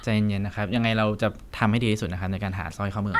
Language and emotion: Thai, neutral